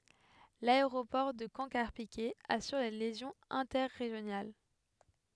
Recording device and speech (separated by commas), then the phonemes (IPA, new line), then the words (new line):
headset microphone, read sentence
laeʁopɔʁ də kɑ̃ kaʁpikɛ asyʁ le ljɛzɔ̃z ɛ̃tɛʁeʒjonal
L’aéroport de Caen - Carpiquet assure les liaisons interrégionales.